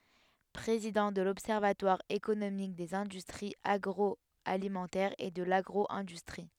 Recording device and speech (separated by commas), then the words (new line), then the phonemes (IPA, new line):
headset microphone, read sentence
Président de l’observatoire économique des industries agroalimentaires et de l’agro-industrie.
pʁezidɑ̃ də lɔbsɛʁvatwaʁ ekonomik dez ɛ̃dystʁiz aɡʁɔalimɑ̃tɛʁz e də laɡʁo ɛ̃dystʁi